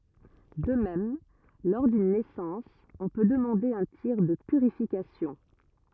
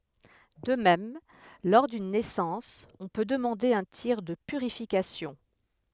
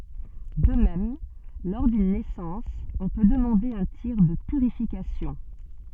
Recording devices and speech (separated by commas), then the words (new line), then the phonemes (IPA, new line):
rigid in-ear microphone, headset microphone, soft in-ear microphone, read sentence
De même, lors d'une naissance, on peut demander un tir de purification.
də mɛm lɔʁ dyn nɛsɑ̃s ɔ̃ pø dəmɑ̃de œ̃ tiʁ də pyʁifikasjɔ̃